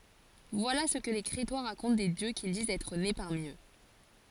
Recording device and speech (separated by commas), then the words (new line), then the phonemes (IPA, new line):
forehead accelerometer, read sentence
Voilà ce que les Crétois racontent des dieux qu'ils disent être nés parmi eux.
vwala sə kə le kʁetwa ʁakɔ̃t de djø kil dizt ɛtʁ ne paʁmi ø